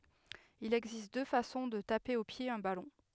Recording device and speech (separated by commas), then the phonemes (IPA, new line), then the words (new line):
headset microphone, read sentence
il ɛɡzist dø fasɔ̃ də tape o pje œ̃ balɔ̃
Il existe deux façons de taper au pied un ballon.